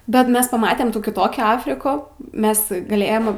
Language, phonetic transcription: Lithuanian, bet ˈmes paˈmatem ˈtų kiˈtokių ˈafriku ˈmes gaˈlėjem

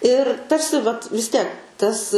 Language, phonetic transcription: Lithuanian, ir ˈtarsi vat vis ˈtiek ˈtas

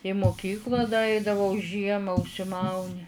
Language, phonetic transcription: Lithuanian, į muˈkykla da ˈaidavau ˈžiema užsiˈmauni

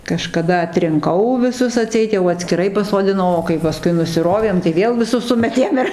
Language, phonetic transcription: Lithuanian, kažkaˈda atrinˈkau viˈsus aˈtseit jau atskiˈrai pasodiˈnau o kai paˈskui nusiˈrovėm tai ˈvėl viˈsus ˈsumetėm ir

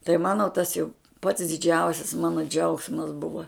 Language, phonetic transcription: Lithuanian, tai ˈmano tas jau pats diˈdžiausis ˈmano ˈdžiaugsmas ˈbuva

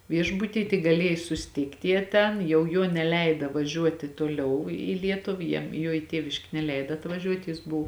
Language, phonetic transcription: Lithuanian, ˈviešbuty tik gaˈliej susiˈtykt' ˈjie ˈten jau ˈjuo neˈleida vaˈžiuoti toˈliau į ˈlietuv ˈjiem ˈjuo i ˈtieviškė neˈleida atvaˈžiuot' jis ˈbuvu

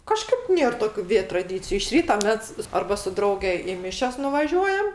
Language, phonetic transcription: Lithuanian, ˈkažkaip ˈnėr ˈtokiu ˈvė traˈdyciju iš ˈryta ˈmes ˈarba su ˈdrauge i ˈmišias nuvaˈžiuojam

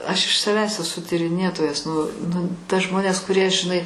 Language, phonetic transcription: Lithuanian, aš iš saˈvęs eˈsu tyriˈnėtojas nu nu ta ˈžmonės kuˈrie žiˈnai

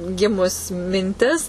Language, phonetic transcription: Lithuanian, ˈgimus minˈtis

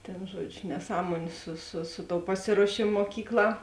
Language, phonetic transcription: Lithuanian, tėn ˈžuodžiu neˈsąmuoniu su su ˈsu ˌtou ˈpasiruošėmo muoˈkykˌlā

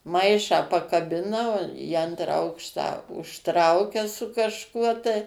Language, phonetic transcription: Lithuanian, ˈmaišą pakaˈbina ˈvo į ˈantrą ˈaukštą užˈtraukia su kažˈkuo tai

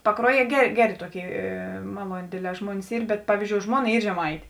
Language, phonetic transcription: Lithuanian, paˈkruoˌjie ˈgeˌrė ˈgeˌrė ˈtuoˌkėi ė ˈmaluonė ˈdėdˌlē ˈžmuonis ˈyr bet ˈpavyzˌdžiou ˈžmuoˌna ˈy žeˈmaitė

